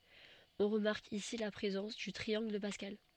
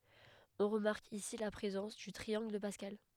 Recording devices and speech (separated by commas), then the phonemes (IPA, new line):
soft in-ear microphone, headset microphone, read sentence
ɔ̃ ʁəmaʁk isi la pʁezɑ̃s dy tʁiɑ̃ɡl də paskal